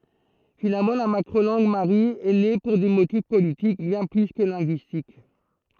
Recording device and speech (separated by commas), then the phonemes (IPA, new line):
throat microphone, read sentence
finalmɑ̃ la makʁo lɑ̃ɡ maʁi ɛ ne puʁ de motif politik bjɛ̃ ply kə lɛ̃ɡyistik